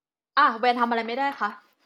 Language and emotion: Thai, angry